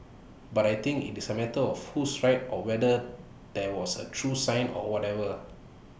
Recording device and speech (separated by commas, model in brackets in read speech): boundary microphone (BM630), read sentence